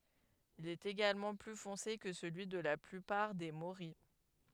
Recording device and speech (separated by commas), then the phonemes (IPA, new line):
headset microphone, read sentence
il ɛt eɡalmɑ̃ ply fɔ̃se kə səlyi də la plypaʁ de moʁij